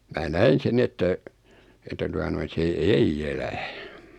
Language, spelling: Finnish, minä näin sen niin että että tuota noin se ei elä
- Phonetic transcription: 'mää "näin̬ sen 'ni että , että 'tua noin̬ 'se "ei"j ‿elä .

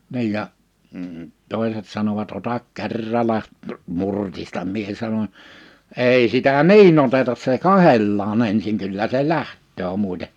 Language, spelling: Finnish, niin ja - toiset sanovat ota kerralla murtista minä sanon ei sitä niin oteta se katsellaan ensin kyllä se lähtee muuten
- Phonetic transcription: 'ni̬ij ja , m̥ 'tòiset sanovat » 'otak 'kerrala , 'murtistam « mie sanoń , » 'ei sitä "niin ‿otetas se "kahellaa'n ‿ensiŋ 'kyllä se "lähttöö 'mùite « .

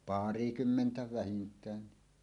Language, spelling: Finnish, parikymmentä vähintään
- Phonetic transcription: pàri'kymmentä "vähint̀äänni .

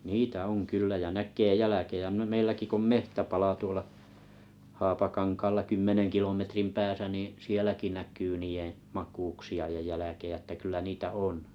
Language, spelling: Finnish, niitä on kyllä ja näkee jälkiä - meilläkin kun on metsäpala tuolla Haapakankaalla kymmenen kilometrin päässä niin sielläkin näkyy niiden makuuksia ja jälkiä että kyllä niitä on
- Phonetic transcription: 'niitä 'oŋ 'kyllä ja 'näk̆kee "jäläkejä m- 'meilläki ko om "mehtäpala 'tuola , 'hapakaŋkaalla 'kymmeneŋ kilometrim 'pääsä nì , 'sieläki näk̀yy 'nii ‿ee , "mak̀uuksi₍a ja 'jäläkejä ᵉttä 'kyllä 'niitä "on .

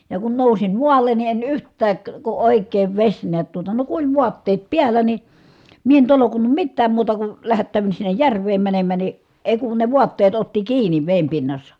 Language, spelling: Finnish, ja kun nousin maalle niin en yhtään kun oikein vesi näet tuota no kun oli vaatteet päällä niin minä en tolkunnut mitään muuta kuin lähättäydyn sinne järveen menemään niin ei kun ne vaatteet otti kiinni veden pinnassa
- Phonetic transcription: ja kun nousim mual̀en ni en yht̆tääk , ku òik̆keev veś niät tuota , no ku oĺ vuatteet piällä ni , mie en tolokunnum mittääm muuta ku , lähättä̀y̬vyn sinnej järv̀eem mänemmä ni , èi̮ kun ne vuatteet otti kiiǹi vèim pinnassa .

